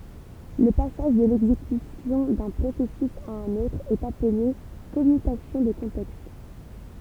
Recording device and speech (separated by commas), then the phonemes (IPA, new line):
temple vibration pickup, read sentence
lə pasaʒ də lɛɡzekysjɔ̃ dœ̃ pʁosɛsys a œ̃n otʁ ɛt aple kɔmytasjɔ̃ də kɔ̃tɛkst